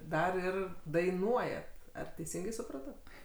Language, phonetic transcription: Lithuanian, ˈdar ˈir daiˈnuojat ˈar teiˈsingai suˈprato

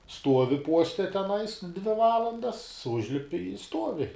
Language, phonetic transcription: Lithuanian, ˈstuovi ˈpuoste teˈnais dvi ˈvalandas ˈužlipi i ˈstuovi

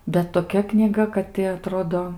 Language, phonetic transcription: Lithuanian, bet toˈkia knyˈga kad ti aˈtrodo

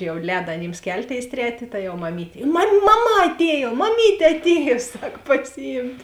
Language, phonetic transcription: Lithuanian, jau ˈlēda aˈnyms ˈkelˌtėis ˈtretė ta jau maˈmytė mam maˈma aˈtėjo maˈmytė atˈėjo ˈsak pasiˈjymt'

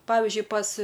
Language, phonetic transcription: Lithuanian, ˈpavizdžiui pas

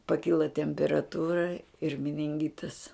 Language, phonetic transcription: Lithuanian, paˈkila temperaˈtūra ir mininˈgitas

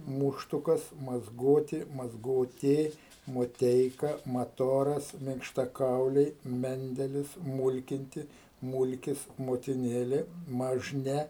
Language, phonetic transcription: Lithuanian, ˈmuštukas mazˈgoti mazˈgotė moˈteika maˈtoras minkštaˈkauliai ˈmendelis ˈmulkinti ˈmulkis motiˈnėlė mažˈne

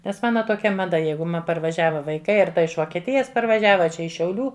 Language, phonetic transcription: Lithuanian, nes ˈmana toˈkia maˈda ˈjeigu ˈma parvaˈžiava vaiˈkai ˈar ˈta iš vokieˈtijas parvaˈžiava a ˈčia iš šiauˈlių

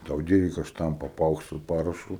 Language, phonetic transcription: Lithuanian, tau ˈdyrikas ˈštampa ˈpaukšt su ˈparašu

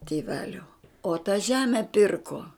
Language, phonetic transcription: Lithuanian, tėˈvelio o ta ˈžeme ˈpirko

